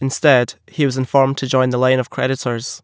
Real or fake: real